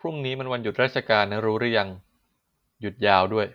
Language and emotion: Thai, neutral